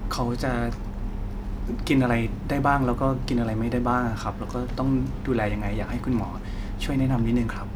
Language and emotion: Thai, frustrated